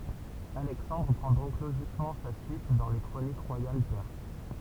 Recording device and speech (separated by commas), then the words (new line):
temple vibration pickup, read sentence
Alexandre prend donc logiquement sa suite dans les chroniques royales perses.